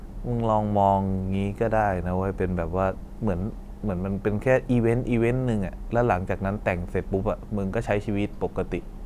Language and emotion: Thai, neutral